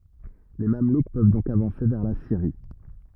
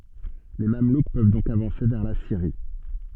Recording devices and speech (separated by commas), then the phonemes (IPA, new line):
rigid in-ear microphone, soft in-ear microphone, read sentence
le mamluk pøv dɔ̃k avɑ̃se vɛʁ la siʁi